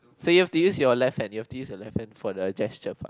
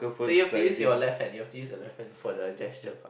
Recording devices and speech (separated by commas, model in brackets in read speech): close-talking microphone, boundary microphone, conversation in the same room